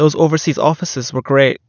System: none